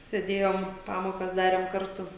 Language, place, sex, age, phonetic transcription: Lithuanian, Žemaitija, female, 18-60, sėˈdėjom ˈpamokas ˈdarėm ˈkartu

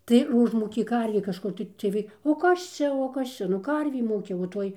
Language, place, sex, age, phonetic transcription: Lithuanian, Dzūkija, female, 60+, tai ir ˈužmūkė ˈkarvė kažˈkur tai ciej ˈvai o ˈkas čia o ˈkas čia nu ˈkarvė ˈmūkia o ˈtoj

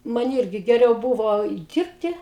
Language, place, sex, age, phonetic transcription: Lithuanian, Aukštaitija, female, 60+, ˈman ˈyrgi geˈriau ˈbuvo ˈdyrbti

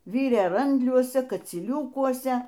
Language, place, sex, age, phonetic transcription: Lithuanian, Aukštaitija, female, 60+, ˈvyrė ˈrandliuose kacyˈliūkuose

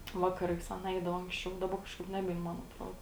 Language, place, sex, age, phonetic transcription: Lithuanian, Žemaitija, female, 18-60, ˈvakaˌrais ˈaˌna ˈeidava anksˈčiau daˈba kažˈkaip ˈnebein ˈman atˈrodo

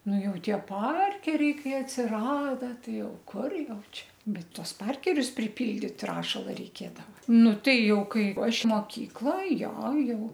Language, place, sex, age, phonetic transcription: Lithuanian, Aukštaitija, female, 60+, ˈnu ˈjau ˈtie ˈparkeriai ˈkai atsiˈrada ˈtai ˈjau ˈkur ˈjau ˈčia ˈbet ˈtuos ˈparkerius priˈpildyt ˈrašala reiˈkėdava ˈnu ˈtai ˈjau ˈkai ˈaš moˈkykla ˈjo ˈjau

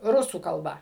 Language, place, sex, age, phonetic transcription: Lithuanian, Suvalkija, female, 60+, ˈrusų kalˈba

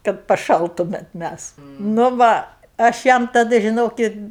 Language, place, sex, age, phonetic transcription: Lithuanian, Aukštaitija, female, 60+, kad paˈšaltumet ˈmæs nu ˈva aš ˈjam taˈda žiˈnokit

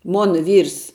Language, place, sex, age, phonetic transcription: Lithuanian, Žemaitija, female, 18-60, ˈmona ˈvyrs

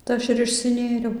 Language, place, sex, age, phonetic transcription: Lithuanian, Dzūkija, female, 18-60, tai ˈaš ir išsiˈnėriau

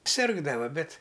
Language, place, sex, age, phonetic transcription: Lithuanian, Aukštaitija, male, 60+, ˈsirgdava ˈbet

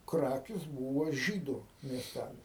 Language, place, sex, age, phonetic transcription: Lithuanian, Aukštaitija, male, 60+, ˈkrakis ˈbūva ˈžydu miesˈtælis

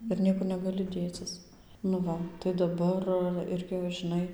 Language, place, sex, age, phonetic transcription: Lithuanian, Dzūkija, female, 18-60, ir ˈniekur negaˈli dėˈcis nu ˈva tai daˈbar ˈirgi va žiˈnai

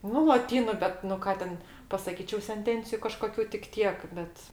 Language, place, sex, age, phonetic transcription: Lithuanian, Aukštaitija, female, 60+, ˈnu loˈtynu ˈbet nu ˈką ten pasaˈkyčiau senˈtenciju kažkoˈkių tik ˈtiek ˈbet

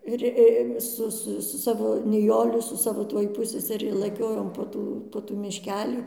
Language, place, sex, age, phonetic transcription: Lithuanian, Dzūkija, female, 60+, ˈir i ˈsu ˈsu su ˈsavo niˈjoli su ˈsavo ˈtuoj ˈpusseseri laˈkiojom po ˈtų po ˈtų mišˈkelį

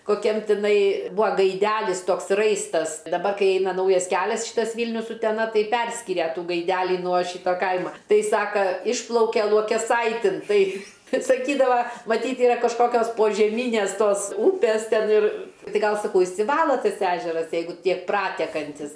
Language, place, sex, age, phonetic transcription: Lithuanian, Aukštaitija, female, 60+, koˈkiam tiˈnai ˈbua gaiˈdælis ˈtoks ˈraistas daˈbar ˈkai ˈeina ˈnaujas ˈkelias ˈšytas ˈvylnius uteˈna ˈtai ˈperskiria ˈtų gaiˈdælį nuo ˈšyta ˈkaima ˈtai ˈsaka ˈišplauke luokeˈsaitin ˈtai ˈtai saˈkydava maˈtyt ˈyra kažˈkokios požeˈmynės ˈtos ˈūpės ˈten ir ˈtai ˈgal saˈkau išsiˈvalo ˈtas ˈežeras ˈjeigu ˈtiek ˈpratekantis

